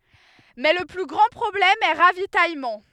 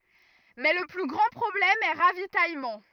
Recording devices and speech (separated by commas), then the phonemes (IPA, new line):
headset microphone, rigid in-ear microphone, read sentence
mɛ lə ply ɡʁɑ̃ pʁɔblɛm ɛ ʁavitajmɑ̃